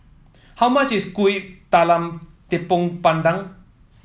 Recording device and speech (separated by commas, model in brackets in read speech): mobile phone (iPhone 7), read sentence